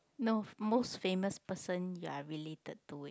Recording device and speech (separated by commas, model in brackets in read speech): close-talking microphone, conversation in the same room